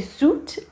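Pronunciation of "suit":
This is an incorrect pronunciation of 'suite', which is correctly said like 'sweet'.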